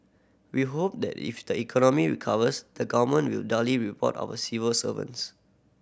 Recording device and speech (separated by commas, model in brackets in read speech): boundary microphone (BM630), read sentence